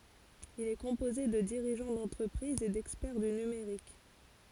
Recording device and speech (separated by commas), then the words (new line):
forehead accelerometer, read sentence
Il est composé de dirigeants d’entreprises et d’experts du numérique.